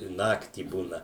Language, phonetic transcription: Lithuanian, i ˈnaktį ˈbūna

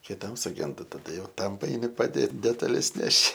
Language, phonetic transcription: Lithuanian, kiˈtam suˈgenda taˈda jau ˈtam paeiˈni paˈdėt detaˈles ˈneši

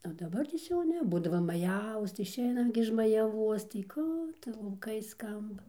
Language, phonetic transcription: Lithuanian, o ˈdabartės jau ˈne ˈbūdava ˈmajavos tai išˈeinam gi iš majaˈvuos tai ˈkų tu lauˈkai ˈskamba

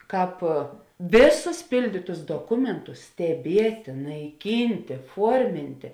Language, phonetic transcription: Lithuanian, ˈkāp ˈvėˌsus ˈpildytus doˈkumentus steˈbietė naiˈkyntė ˈfuormintė

